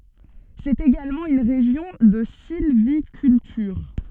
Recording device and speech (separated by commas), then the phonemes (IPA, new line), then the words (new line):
soft in-ear microphone, read sentence
sɛt eɡalmɑ̃ yn ʁeʒjɔ̃ də silvikyltyʁ
C'est également une région de sylviculture.